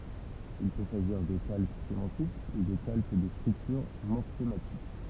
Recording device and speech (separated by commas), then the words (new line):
temple vibration pickup, read sentence
Il peut s’agir de calque sémantique ou de calque de structure morphématique.